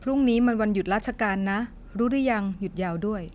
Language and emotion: Thai, neutral